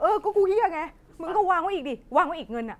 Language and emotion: Thai, angry